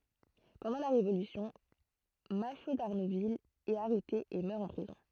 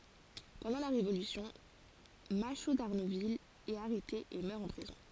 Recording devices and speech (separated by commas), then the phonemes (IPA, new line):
throat microphone, forehead accelerometer, read sentence
pɑ̃dɑ̃ la ʁevolysjɔ̃ maʃo daʁnuvil ɛt aʁɛte e mœʁ ɑ̃ pʁizɔ̃